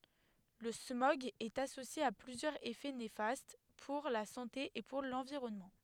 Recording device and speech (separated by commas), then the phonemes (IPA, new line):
headset microphone, read sentence
lə smɔɡ ɛt asosje a plyzjœʁz efɛ nefast puʁ la sɑ̃te e puʁ lɑ̃viʁɔnmɑ̃